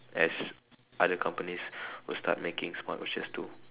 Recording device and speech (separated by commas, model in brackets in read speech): telephone, conversation in separate rooms